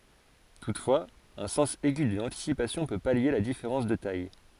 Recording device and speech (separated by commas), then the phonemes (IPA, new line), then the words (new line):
forehead accelerometer, read sentence
tutfwaz œ̃ sɑ̃s ɛɡy də lɑ̃tisipasjɔ̃ pø palje la difeʁɑ̃s də taj
Toutefois, un sens aigu de l'anticipation peut pallier la différence de taille.